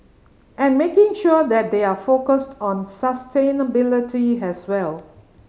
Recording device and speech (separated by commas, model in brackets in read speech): mobile phone (Samsung C5010), read sentence